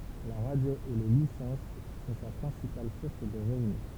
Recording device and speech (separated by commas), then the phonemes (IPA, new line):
temple vibration pickup, read sentence
la ʁadjo e le lisɑ̃s sɔ̃ sa pʁɛ̃sipal suʁs də ʁəvny